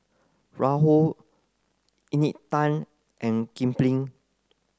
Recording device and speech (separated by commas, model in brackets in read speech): close-talking microphone (WH30), read sentence